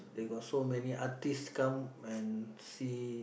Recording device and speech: boundary microphone, conversation in the same room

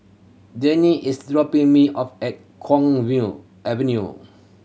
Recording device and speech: mobile phone (Samsung C7100), read sentence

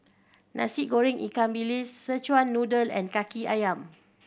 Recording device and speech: boundary microphone (BM630), read sentence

